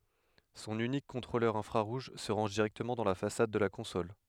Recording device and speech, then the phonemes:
headset microphone, read sentence
sɔ̃n ynik kɔ̃tʁolœʁ ɛ̃fʁaʁuʒ sə ʁɑ̃ʒ diʁɛktəmɑ̃ dɑ̃ la fasad də la kɔ̃sɔl

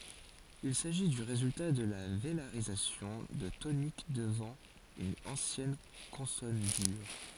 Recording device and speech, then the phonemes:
forehead accelerometer, read sentence
il saʒi dy ʁezylta də la velaʁizasjɔ̃ də tonik dəvɑ̃ yn ɑ̃sjɛn kɔ̃sɔn dyʁ

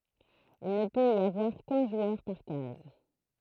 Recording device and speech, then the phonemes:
throat microphone, read sentence
il nə pøt i avwaʁ kœ̃ ʒwœʁ paʁ kaz

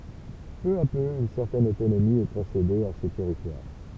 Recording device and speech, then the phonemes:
temple vibration pickup, read sentence
pø a pø yn sɛʁtɛn otonomi ɛ kɔ̃sede a se tɛʁitwaʁ

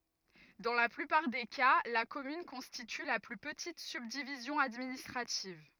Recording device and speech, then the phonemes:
rigid in-ear microphone, read sentence
dɑ̃ la plypaʁ de ka la kɔmyn kɔ̃stity la ply pətit sybdivizjɔ̃ administʁativ

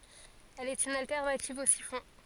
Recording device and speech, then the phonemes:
forehead accelerometer, read sentence
ɛl ɛt yn altɛʁnativ o sifɔ̃

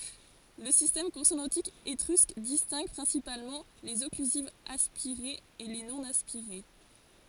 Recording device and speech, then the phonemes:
forehead accelerometer, read sentence
lə sistɛm kɔ̃sonɑ̃tik etʁysk distɛ̃ɡ pʁɛ̃sipalmɑ̃ lez ɔklyzivz aspiʁez e le nonaspiʁe

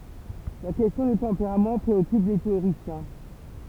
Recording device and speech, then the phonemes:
temple vibration pickup, read sentence
la kɛstjɔ̃ dy tɑ̃peʁam pʁeɔkyp le teoʁisjɛ̃

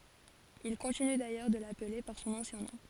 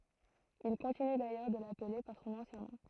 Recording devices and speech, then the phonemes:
forehead accelerometer, throat microphone, read sentence
il kɔ̃tiny dajœʁ də laple paʁ sɔ̃n ɑ̃sjɛ̃ nɔ̃

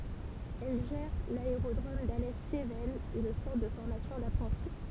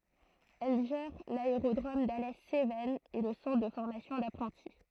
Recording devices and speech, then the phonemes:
temple vibration pickup, throat microphone, read sentence
ɛl ʒɛʁ laeʁodʁom dalɛ sevɛnz e lə sɑ̃tʁ də fɔʁmasjɔ̃ dapʁɑ̃ti

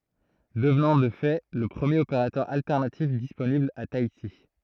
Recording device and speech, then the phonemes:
throat microphone, read sentence
dəvnɑ̃ də fɛ lə pʁəmjeʁ opeʁatœʁ altɛʁnatif disponibl a taiti

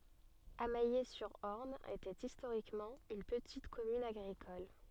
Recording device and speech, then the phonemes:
soft in-ear microphone, read sentence
amɛje syʁ ɔʁn etɛt istoʁikmɑ̃ yn pətit kɔmyn aɡʁikɔl

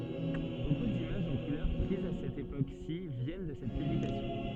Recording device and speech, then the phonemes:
soft in-ear microphone, read sentence
boku dimaʒz ɑ̃ kulœʁ pʁizz a sɛt epoksi vjɛn də sɛt pyblikasjɔ̃

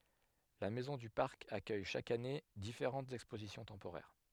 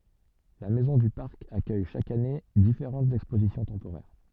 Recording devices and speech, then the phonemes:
headset microphone, soft in-ear microphone, read sentence
la mɛzɔ̃ dy paʁk akœj ʃak ane difeʁɑ̃tz ɛkspozisjɔ̃ tɑ̃poʁɛʁ

